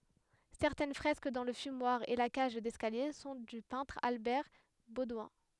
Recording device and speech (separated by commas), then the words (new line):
headset microphone, read sentence
Certaines fresques dans le fumoir et la cage d’escalier sont du peintre Albert Baudouin.